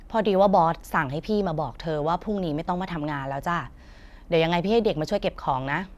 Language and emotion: Thai, frustrated